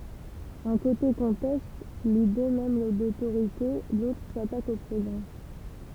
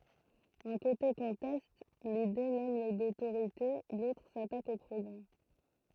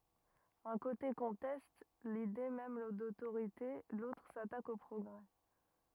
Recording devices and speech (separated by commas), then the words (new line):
temple vibration pickup, throat microphone, rigid in-ear microphone, read sentence
Un côté conteste l’idée même d’autorité, l’autre s'attaque au progrès.